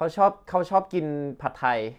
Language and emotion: Thai, neutral